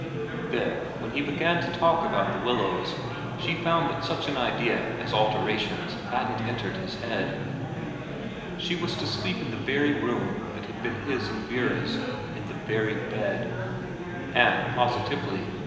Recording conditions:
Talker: one person; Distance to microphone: 1.7 m; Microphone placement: close; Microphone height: 1.0 m; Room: very reverberant, large; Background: babble

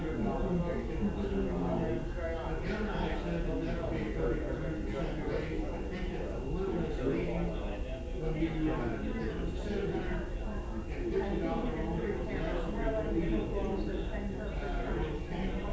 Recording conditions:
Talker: no one; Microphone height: 3 cm; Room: large; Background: babble

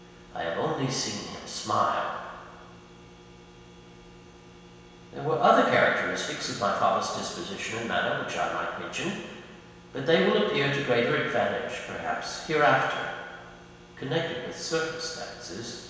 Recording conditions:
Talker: one person; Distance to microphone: 1.7 m; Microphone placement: close; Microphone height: 1.0 m; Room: very reverberant, large; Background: none

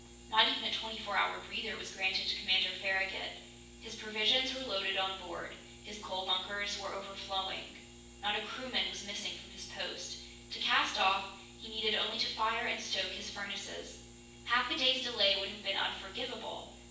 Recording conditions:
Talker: one person; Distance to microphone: 9.8 m; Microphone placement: far; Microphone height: 1.8 m; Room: large; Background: none

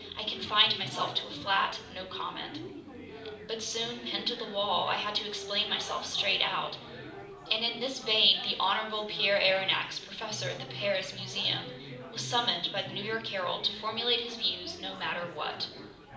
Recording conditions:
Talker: one person; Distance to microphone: 2.0 m; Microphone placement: close; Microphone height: 99 cm; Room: medium-sized (5.7 m by 4.0 m); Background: babble

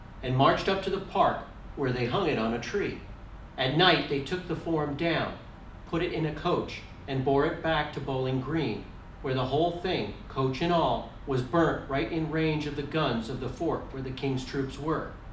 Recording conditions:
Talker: one person; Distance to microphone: 2.0 m; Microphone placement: close; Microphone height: 99 cm; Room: medium-sized (5.7 m by 4.0 m); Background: none

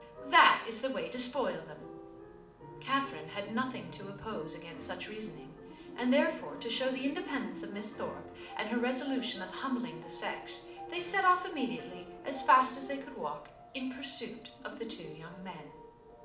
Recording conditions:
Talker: one person; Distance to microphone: 2.0 m; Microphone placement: close; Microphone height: 99 cm; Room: medium-sized (5.7 m by 4.0 m); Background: music

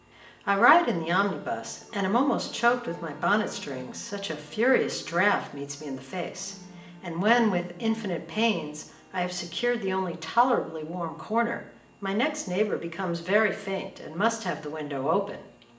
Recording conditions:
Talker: one person; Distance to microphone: 1.8 m; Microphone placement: close; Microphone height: 1.0 m; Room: large; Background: music

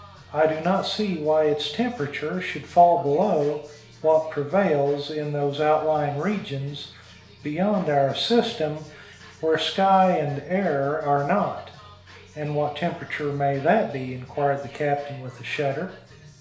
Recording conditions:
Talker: one person; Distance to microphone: 1.0 m; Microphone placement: close; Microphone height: 1.1 m; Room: small (3.7 m by 2.7 m); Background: music

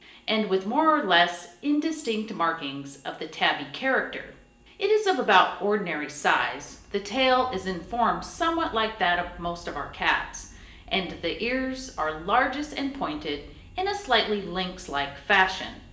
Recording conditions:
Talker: one person; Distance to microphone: 1.8 m; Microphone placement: close; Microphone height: 1.0 m; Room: large; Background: none

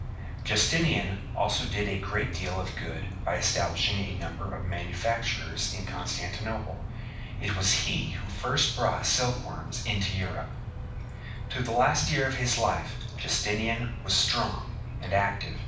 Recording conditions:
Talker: one person; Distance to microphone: 5.8 m; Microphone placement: far; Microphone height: 1.8 m; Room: medium-sized (5.7 m by 4.0 m); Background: television

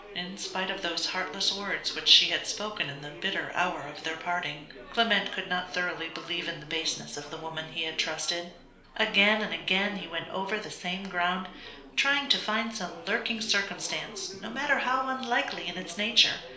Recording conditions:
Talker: one person; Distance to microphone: 1.0 m; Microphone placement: close; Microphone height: 1.1 m; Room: small (3.7 m by 2.7 m); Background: babble

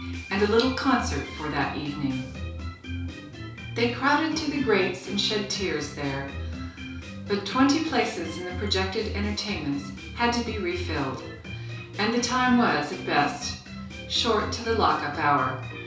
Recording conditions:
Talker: one person; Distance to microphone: 3.0 m; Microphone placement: far; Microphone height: 1.8 m; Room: small (3.7 m by 2.7 m); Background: music

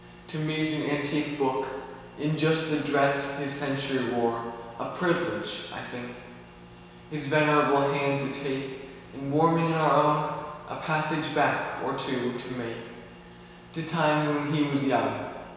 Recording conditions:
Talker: one person; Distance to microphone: 1.7 m; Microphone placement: close; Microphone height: 1.0 m; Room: very reverberant, large; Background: none

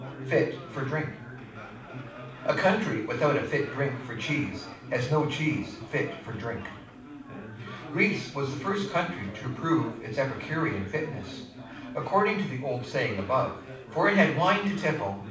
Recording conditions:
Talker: one person; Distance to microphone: 5.8 m; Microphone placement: far; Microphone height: 1.8 m; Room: medium-sized (5.7 m by 4.0 m); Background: babble

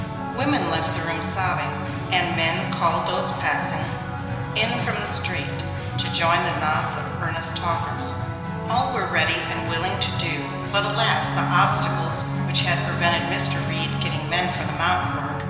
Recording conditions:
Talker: one person; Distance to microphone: 1.7 m; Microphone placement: close; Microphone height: 1.0 m; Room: very reverberant, large; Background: music

